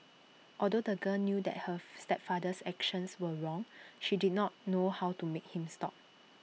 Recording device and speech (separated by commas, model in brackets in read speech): mobile phone (iPhone 6), read sentence